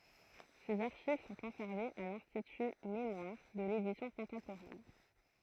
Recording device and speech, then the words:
throat microphone, read sentence
Ses archives sont conservées à l'Institut mémoires de l'édition contemporaine.

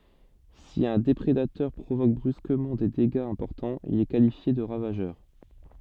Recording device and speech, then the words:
soft in-ear microphone, read sentence
Si un déprédateur provoque brusquement des dégâts importants, il est qualifié de ravageur.

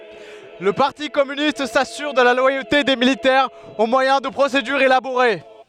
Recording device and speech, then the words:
headset microphone, read sentence
Le parti communiste s'assure de la loyauté des militaires au moyen de procédures élaborées.

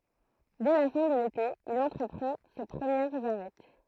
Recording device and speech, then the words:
throat microphone, read sentence
Dès la fin de l'été, il entreprend ses premières Arêtes.

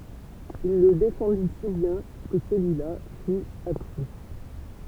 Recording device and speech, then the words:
temple vibration pickup, read sentence
Il le défendit si bien que celui-là fut absous.

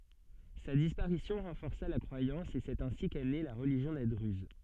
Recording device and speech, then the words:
soft in-ear microphone, read sentence
Sa disparition renforça la croyance et c'est ainsi qu'est née la religion des druzes.

